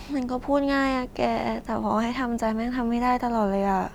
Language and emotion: Thai, sad